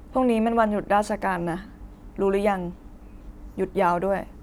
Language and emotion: Thai, neutral